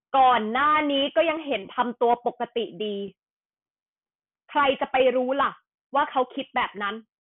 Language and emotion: Thai, frustrated